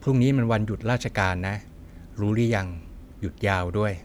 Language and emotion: Thai, neutral